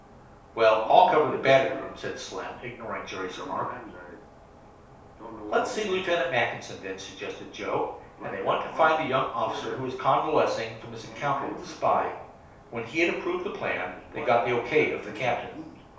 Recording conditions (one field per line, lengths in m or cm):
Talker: one person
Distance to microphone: 3.0 m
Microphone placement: far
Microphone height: 1.8 m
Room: small (3.7 m by 2.7 m)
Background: television